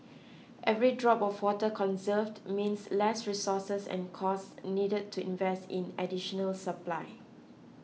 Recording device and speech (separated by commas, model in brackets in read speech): mobile phone (iPhone 6), read sentence